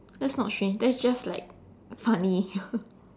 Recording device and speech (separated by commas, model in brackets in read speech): standing microphone, conversation in separate rooms